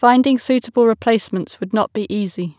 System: none